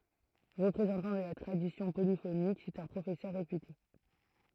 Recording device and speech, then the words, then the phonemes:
throat microphone, read sentence
Représentant de la tradition polyphonique, c'est un professeur réputé.
ʁəpʁezɑ̃tɑ̃ də la tʁadisjɔ̃ polifonik sɛt œ̃ pʁofɛsœʁ ʁepyte

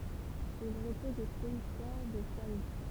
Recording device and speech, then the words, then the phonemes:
temple vibration pickup, read sentence
Il repose au cimetière du Faou.
il ʁəpɔz o simtjɛʁ dy fau

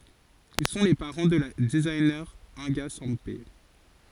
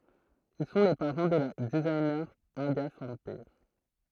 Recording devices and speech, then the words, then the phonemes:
forehead accelerometer, throat microphone, read sentence
Ils sont les parents de la designer Inga Sempé.
il sɔ̃ le paʁɑ̃ də la dəziɲe ɛ̃ɡa sɑ̃pe

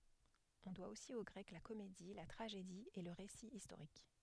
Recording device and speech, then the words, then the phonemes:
headset microphone, read sentence
On doit aussi aux Grecs la comédie, la tragédie et le récit historique.
ɔ̃ dwa osi o ɡʁɛk la komedi la tʁaʒedi e lə ʁesi istoʁik

